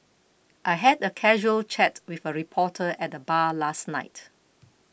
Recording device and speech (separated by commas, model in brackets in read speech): boundary microphone (BM630), read sentence